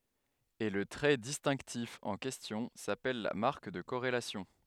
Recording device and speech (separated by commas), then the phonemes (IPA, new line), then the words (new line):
headset microphone, read sentence
e lə tʁɛ distɛ̃ktif ɑ̃ kɛstjɔ̃ sapɛl la maʁk də koʁelasjɔ̃
Et le trait distinctif en question s'appelle la marque de corrélation.